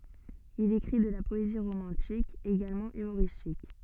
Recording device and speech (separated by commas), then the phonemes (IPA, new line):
soft in-ear microphone, read sentence
il ekʁi də la pɔezi ʁomɑ̃tik eɡalmɑ̃ ymoʁistik